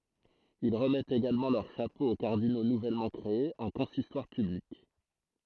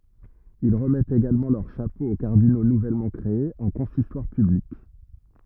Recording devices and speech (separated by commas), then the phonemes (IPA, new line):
throat microphone, rigid in-ear microphone, read sentence
il ʁəmɛtt eɡalmɑ̃ lœʁ ʃapo o kaʁdino nuvɛlmɑ̃ kʁeez ɑ̃ kɔ̃sistwaʁ pyblik